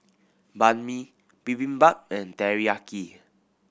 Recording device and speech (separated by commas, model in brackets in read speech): boundary microphone (BM630), read sentence